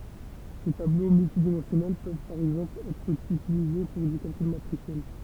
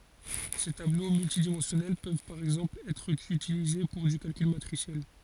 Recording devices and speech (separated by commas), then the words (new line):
temple vibration pickup, forehead accelerometer, read sentence
Ces tableaux multidimensionnels peuvent par exemple être utilisés pour du calcul matriciel.